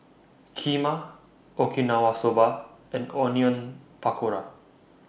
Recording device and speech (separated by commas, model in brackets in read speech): boundary microphone (BM630), read sentence